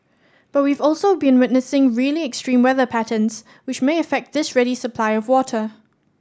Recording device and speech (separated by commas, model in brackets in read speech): standing microphone (AKG C214), read sentence